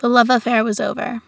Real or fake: real